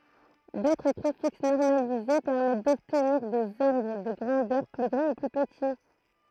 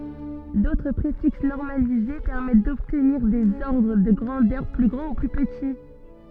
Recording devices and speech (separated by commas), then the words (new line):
throat microphone, soft in-ear microphone, read sentence
D'autres préfixes normalisés permettent d'obtenir des ordres de grandeurs plus grands ou plus petits.